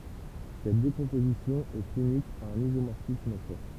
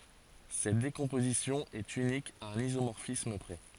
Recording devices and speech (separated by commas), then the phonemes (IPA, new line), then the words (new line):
temple vibration pickup, forehead accelerometer, read sentence
sɛt dekɔ̃pozisjɔ̃ ɛt ynik a œ̃n izomɔʁfism pʁɛ
Cette décomposition est unique à un isomorphisme près.